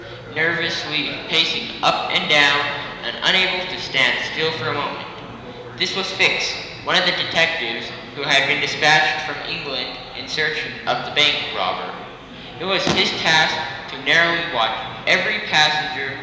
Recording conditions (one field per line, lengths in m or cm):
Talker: one person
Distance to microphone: 1.7 m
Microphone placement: close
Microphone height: 1.0 m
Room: very reverberant, large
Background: babble